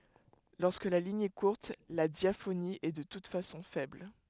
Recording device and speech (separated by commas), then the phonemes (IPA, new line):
headset microphone, read sentence
lɔʁskə la liɲ ɛ kuʁt la djafoni ɛ də tut fasɔ̃ fɛbl